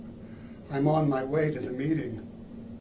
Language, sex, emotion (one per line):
English
male
neutral